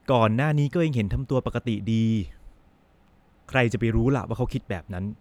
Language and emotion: Thai, neutral